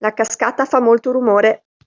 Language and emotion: Italian, neutral